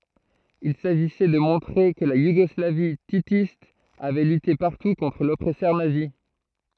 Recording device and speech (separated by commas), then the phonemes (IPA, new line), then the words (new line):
throat microphone, read sentence
il saʒisɛ də mɔ̃tʁe kə la juɡɔslavi titist avɛ lyte paʁtu kɔ̃tʁ lɔpʁɛsœʁ nazi
Il s'agissait de montrer que la Yougoslavie titiste avait lutté partout contre l'oppresseur nazi.